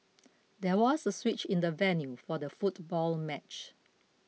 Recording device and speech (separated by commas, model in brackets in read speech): mobile phone (iPhone 6), read sentence